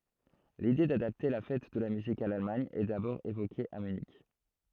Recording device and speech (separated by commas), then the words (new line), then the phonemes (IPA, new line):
throat microphone, read sentence
L'idée d'adapter la Fête de la musique à l'Allemagne est d'abord évoquée à Munich.
lide dadapte la fɛt də la myzik a lalmaɲ ɛ dabɔʁ evoke a mynik